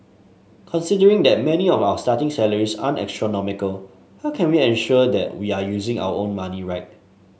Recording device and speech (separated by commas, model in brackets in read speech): mobile phone (Samsung S8), read sentence